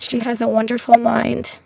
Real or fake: fake